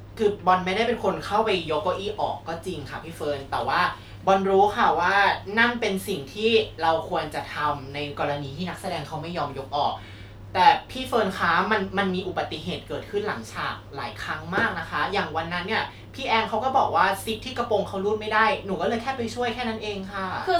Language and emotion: Thai, frustrated